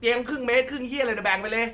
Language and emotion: Thai, angry